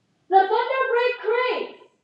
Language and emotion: English, neutral